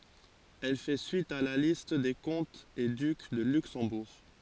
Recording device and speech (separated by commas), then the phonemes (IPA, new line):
forehead accelerometer, read sentence
ɛl fɛ syit a la list de kɔ̃tz e dyk də lyksɑ̃buʁ